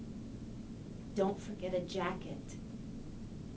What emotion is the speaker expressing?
angry